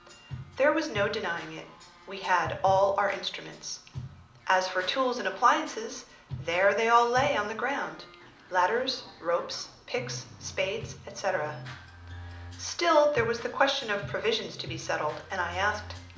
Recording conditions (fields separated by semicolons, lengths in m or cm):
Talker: one person; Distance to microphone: 2.0 m; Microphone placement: close; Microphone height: 99 cm; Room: medium-sized (5.7 m by 4.0 m); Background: music